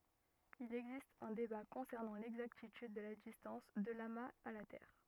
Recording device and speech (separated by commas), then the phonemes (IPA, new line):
rigid in-ear microphone, read sentence
il ɛɡzist œ̃ deba kɔ̃sɛʁnɑ̃ lɛɡzaktityd də la distɑ̃s də lamaz a la tɛʁ